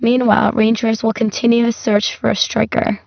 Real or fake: fake